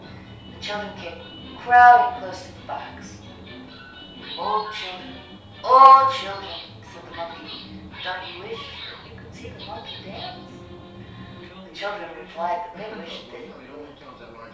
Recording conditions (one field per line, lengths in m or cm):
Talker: one person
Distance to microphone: 3.0 m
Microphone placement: far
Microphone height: 1.8 m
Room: small (3.7 m by 2.7 m)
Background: television